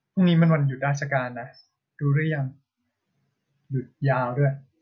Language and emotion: Thai, neutral